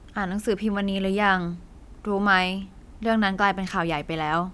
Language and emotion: Thai, neutral